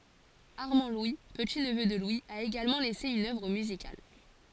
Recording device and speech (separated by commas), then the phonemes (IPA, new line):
forehead accelerometer, read sentence
aʁmɑ̃dlwi pətitnvø də lwi a eɡalmɑ̃ lɛse yn œvʁ myzikal